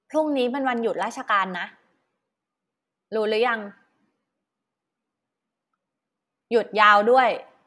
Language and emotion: Thai, frustrated